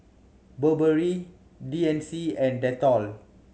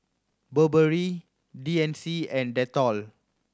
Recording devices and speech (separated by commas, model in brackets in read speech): mobile phone (Samsung C7100), standing microphone (AKG C214), read sentence